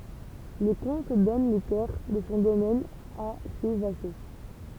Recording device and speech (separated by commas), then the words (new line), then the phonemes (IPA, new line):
temple vibration pickup, read sentence
Le comte donne les terres de son domaine à ses vassaux.
lə kɔ̃t dɔn le tɛʁ də sɔ̃ domɛn a se vaso